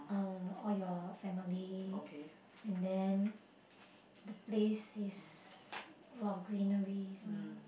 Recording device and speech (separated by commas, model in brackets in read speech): boundary microphone, conversation in the same room